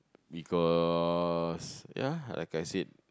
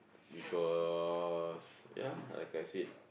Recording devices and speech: close-talking microphone, boundary microphone, conversation in the same room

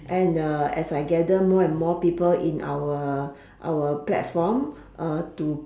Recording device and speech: standing microphone, conversation in separate rooms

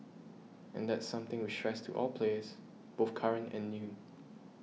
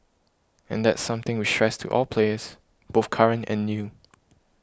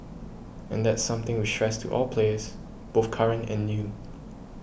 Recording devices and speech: mobile phone (iPhone 6), close-talking microphone (WH20), boundary microphone (BM630), read sentence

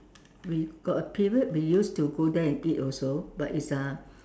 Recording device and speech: standing microphone, conversation in separate rooms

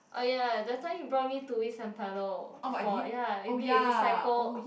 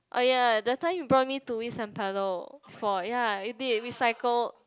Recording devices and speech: boundary microphone, close-talking microphone, conversation in the same room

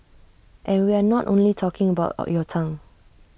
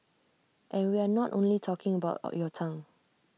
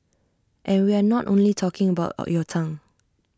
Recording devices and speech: boundary microphone (BM630), mobile phone (iPhone 6), standing microphone (AKG C214), read sentence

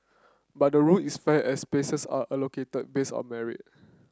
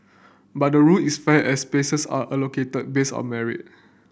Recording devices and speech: close-talking microphone (WH30), boundary microphone (BM630), read sentence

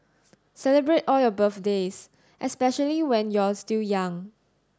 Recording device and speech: standing microphone (AKG C214), read sentence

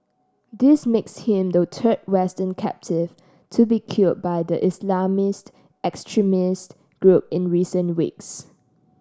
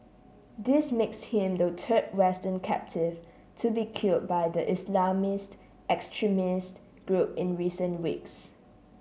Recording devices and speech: standing microphone (AKG C214), mobile phone (Samsung C7), read sentence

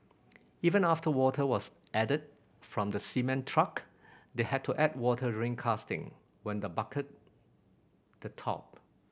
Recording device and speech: boundary microphone (BM630), read sentence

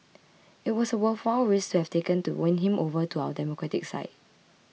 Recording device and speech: mobile phone (iPhone 6), read sentence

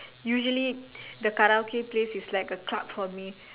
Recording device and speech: telephone, conversation in separate rooms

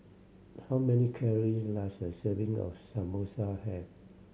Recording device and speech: mobile phone (Samsung C7100), read sentence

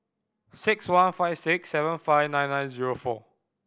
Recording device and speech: boundary microphone (BM630), read sentence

